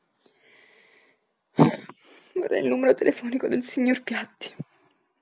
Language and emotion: Italian, sad